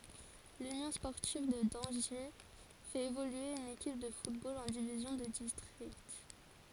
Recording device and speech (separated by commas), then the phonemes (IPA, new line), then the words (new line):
forehead accelerometer, read sentence
lynjɔ̃ spɔʁtiv də dɑ̃ʒi fɛt evolye yn ekip də futbol ɑ̃ divizjɔ̃ də distʁikt
L'Union sportive de Dangy fait évoluer une équipe de football en division de district.